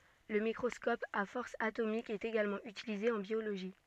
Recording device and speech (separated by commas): soft in-ear microphone, read sentence